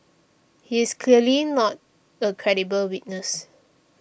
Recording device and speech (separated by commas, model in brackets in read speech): boundary microphone (BM630), read sentence